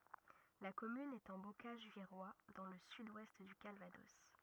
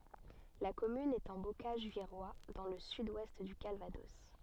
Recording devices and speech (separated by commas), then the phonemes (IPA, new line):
rigid in-ear microphone, soft in-ear microphone, read sentence
la kɔmyn ɛt ɑ̃ bokaʒ viʁwa dɑ̃ lə syd wɛst dy kalvadɔs